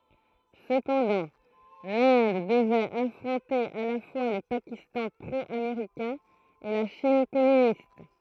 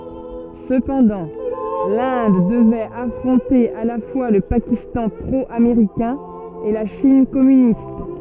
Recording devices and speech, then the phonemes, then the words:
throat microphone, soft in-ear microphone, read sentence
səpɑ̃dɑ̃ lɛ̃d dəvɛt afʁɔ̃te a la fwa lə pakistɑ̃ pʁo ameʁikɛ̃ e la ʃin kɔmynist
Cependant, l'Inde devait affronter à la fois le Pakistan pro-américain et la Chine communiste.

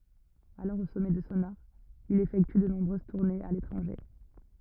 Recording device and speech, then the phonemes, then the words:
rigid in-ear microphone, read sentence
alɔʁ o sɔmɛ də sɔ̃ aʁ il efɛkty də nɔ̃bʁøz tuʁnez a letʁɑ̃ʒe
Alors au sommet de son art, il effectue de nombreuses tournées à l'étranger.

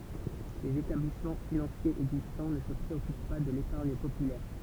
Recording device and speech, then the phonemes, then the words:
temple vibration pickup, read sentence
lez etablismɑ̃ finɑ̃sjez ɛɡzistɑ̃ nə sə pʁeɔkyp pa də lepaʁɲ popylɛʁ
Les établissements financiers existants ne se préoccupent pas de l'épargne populaire.

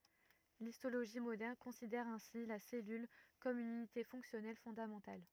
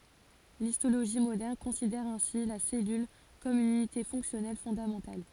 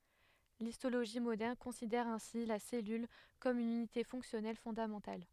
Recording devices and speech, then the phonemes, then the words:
rigid in-ear microphone, forehead accelerometer, headset microphone, read sentence
listoloʒi modɛʁn kɔ̃sidɛʁ ɛ̃si la sɛlyl kɔm yn ynite fɔ̃ksjɔnɛl fɔ̃damɑ̃tal
L'histologie moderne considère ainsi la cellule comme une unité fonctionnelle fondamentale.

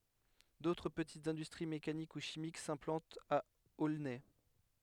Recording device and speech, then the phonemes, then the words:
headset microphone, read sentence
dotʁ pətitz ɛ̃dystʁi mekanik u ʃimik sɛ̃plɑ̃tt a olnɛ
D’autres petites industries mécaniques ou chimiques s’implantent à Aulnay.

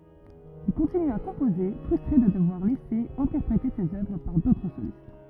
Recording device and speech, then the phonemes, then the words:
rigid in-ear microphone, read sentence
il kɔ̃tiny a kɔ̃poze fʁystʁe də dəvwaʁ lɛse ɛ̃tɛʁpʁete sez œvʁ paʁ dotʁ solist
Il continue à composer, frustré de devoir laisser interpréter ses œuvres par d'autres solistes.

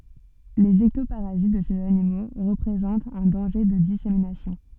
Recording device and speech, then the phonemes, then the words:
soft in-ear microphone, read sentence
lez ɛktopaʁazit də sez animo ʁəpʁezɑ̃tt œ̃ dɑ̃ʒe də diseminasjɔ̃
Les ectoparasites de ces animaux représentent un danger de dissémination.

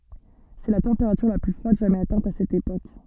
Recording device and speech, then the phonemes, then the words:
soft in-ear microphone, read sentence
sɛ la tɑ̃peʁatyʁ la ply fʁwad ʒamɛz atɛ̃t a sɛt epok
C'est la température la plus froide jamais atteinte à cette époque.

